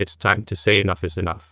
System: TTS, neural waveform model